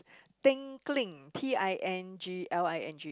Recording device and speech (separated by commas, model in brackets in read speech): close-talking microphone, conversation in the same room